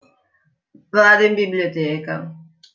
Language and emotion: Italian, sad